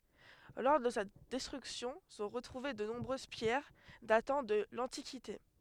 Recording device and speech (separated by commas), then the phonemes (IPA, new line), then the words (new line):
headset microphone, read sentence
lɔʁ də sa dɛstʁyksjɔ̃ sɔ̃ ʁətʁuve də nɔ̃bʁøz pjɛʁ datɑ̃ də lɑ̃tikite
Lors de sa destruction sont retrouvées de nombreuses pierres datant de l'antiquité.